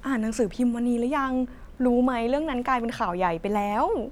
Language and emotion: Thai, happy